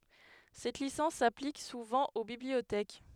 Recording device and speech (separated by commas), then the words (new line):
headset microphone, read sentence
Cette licence s'applique souvent aux bibliothèques.